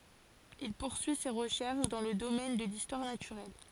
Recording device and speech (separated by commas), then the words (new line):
forehead accelerometer, read sentence
Il poursuit ses recherches dans le domaine de l'histoire naturelle.